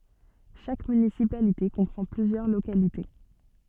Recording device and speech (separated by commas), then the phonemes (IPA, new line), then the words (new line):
soft in-ear microphone, read sentence
ʃak mynisipalite kɔ̃pʁɑ̃ plyzjœʁ lokalite
Chaque municipalité comprend plusieurs localités.